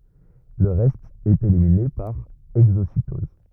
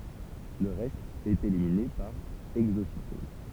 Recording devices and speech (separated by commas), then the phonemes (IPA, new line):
rigid in-ear microphone, temple vibration pickup, read sentence
lə ʁɛst ɛt elimine paʁ ɛɡzositɔz